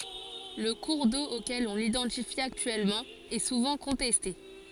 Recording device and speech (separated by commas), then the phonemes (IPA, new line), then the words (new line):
forehead accelerometer, read sentence
lə kuʁ do okɛl ɔ̃ lidɑ̃tifi aktyɛlmɑ̃ ɛ suvɑ̃ kɔ̃tɛste
Le cours d'eau auquel on l'identifie actuellement est souvent contesté.